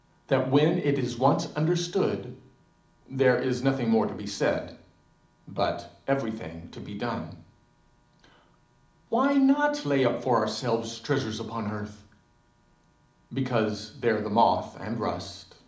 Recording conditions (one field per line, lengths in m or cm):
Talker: one person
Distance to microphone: 2.0 m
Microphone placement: close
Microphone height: 99 cm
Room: medium-sized (5.7 m by 4.0 m)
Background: none